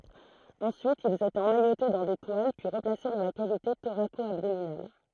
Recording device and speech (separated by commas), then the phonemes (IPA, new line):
throat microphone, read sentence
ɑ̃syit ilz etɛt ɑ̃majote dɑ̃ de twal pyi ʁəplase dɑ̃ la kavite toʁako abdominal